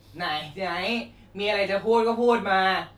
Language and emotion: Thai, frustrated